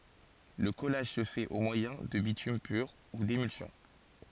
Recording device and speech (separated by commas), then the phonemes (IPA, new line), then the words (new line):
forehead accelerometer, read sentence
lə kɔlaʒ sə fɛt o mwajɛ̃ də bitym pyʁ u demylsjɔ̃
Le collage se fait au moyen de bitume pur ou d'émulsion.